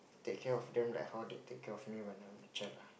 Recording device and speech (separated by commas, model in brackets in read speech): boundary microphone, conversation in the same room